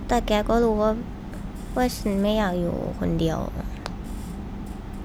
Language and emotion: Thai, sad